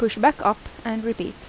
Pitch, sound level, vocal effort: 230 Hz, 81 dB SPL, normal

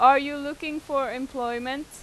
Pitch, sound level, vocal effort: 275 Hz, 93 dB SPL, loud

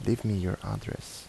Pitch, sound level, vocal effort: 115 Hz, 76 dB SPL, soft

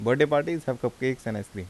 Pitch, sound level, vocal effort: 125 Hz, 84 dB SPL, normal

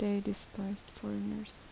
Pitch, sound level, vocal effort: 200 Hz, 72 dB SPL, soft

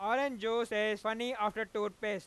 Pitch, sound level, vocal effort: 215 Hz, 103 dB SPL, very loud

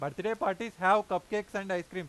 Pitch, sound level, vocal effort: 190 Hz, 98 dB SPL, loud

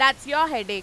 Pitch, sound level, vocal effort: 270 Hz, 103 dB SPL, very loud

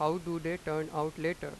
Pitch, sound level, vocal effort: 160 Hz, 92 dB SPL, loud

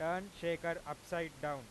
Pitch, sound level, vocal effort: 170 Hz, 98 dB SPL, very loud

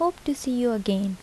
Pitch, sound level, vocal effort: 245 Hz, 75 dB SPL, soft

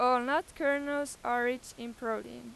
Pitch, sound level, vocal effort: 245 Hz, 96 dB SPL, very loud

